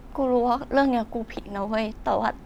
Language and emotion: Thai, sad